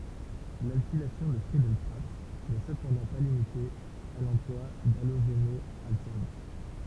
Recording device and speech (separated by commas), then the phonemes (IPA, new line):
temple vibration pickup, read sentence
lalkilasjɔ̃ də fʁiədɛl kʁaft nɛ səpɑ̃dɑ̃ pa limite a lɑ̃plwa daloʒenɔalkan